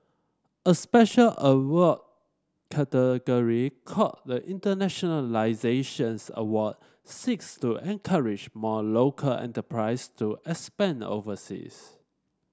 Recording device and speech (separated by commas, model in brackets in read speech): standing microphone (AKG C214), read sentence